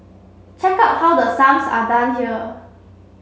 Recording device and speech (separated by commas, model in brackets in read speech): mobile phone (Samsung C7), read sentence